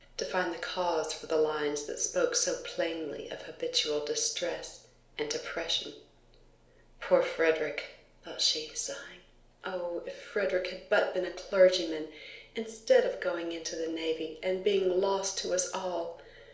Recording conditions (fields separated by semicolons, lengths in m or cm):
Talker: one person; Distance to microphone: 1.0 m; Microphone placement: close; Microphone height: 1.1 m; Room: small (3.7 m by 2.7 m); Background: none